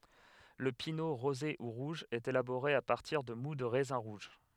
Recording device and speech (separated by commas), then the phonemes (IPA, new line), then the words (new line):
headset microphone, read sentence
lə pino ʁoze u ʁuʒ ɛt elaboʁe a paʁtiʁ də mu də ʁɛzɛ̃ ʁuʒ
Le pineau rosé ou rouge est élaboré à partir de moût de raisins rouges.